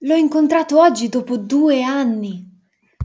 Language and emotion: Italian, surprised